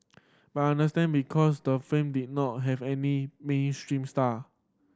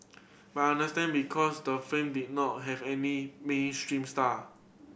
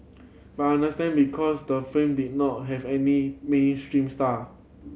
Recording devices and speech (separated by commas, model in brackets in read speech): standing microphone (AKG C214), boundary microphone (BM630), mobile phone (Samsung C7100), read sentence